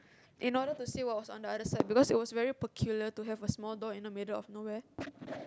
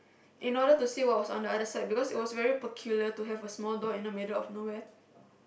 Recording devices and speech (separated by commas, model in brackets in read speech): close-talking microphone, boundary microphone, conversation in the same room